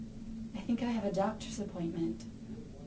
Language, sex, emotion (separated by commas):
English, female, neutral